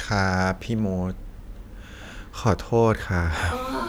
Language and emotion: Thai, sad